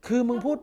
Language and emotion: Thai, angry